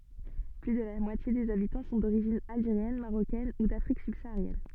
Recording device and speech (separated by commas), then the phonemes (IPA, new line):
soft in-ear microphone, read sentence
ply də la mwatje dez abitɑ̃ sɔ̃ doʁiʒin alʒeʁjɛn maʁokɛn u dafʁik sybsaaʁjɛn